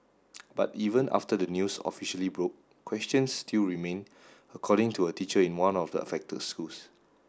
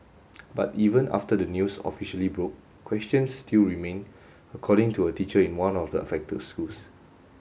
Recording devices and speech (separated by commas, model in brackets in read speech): standing microphone (AKG C214), mobile phone (Samsung S8), read sentence